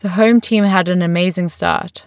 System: none